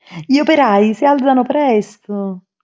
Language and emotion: Italian, happy